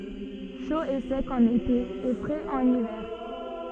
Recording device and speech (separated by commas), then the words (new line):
soft in-ear microphone, read sentence
Chaud et sec en été et frais en hiver.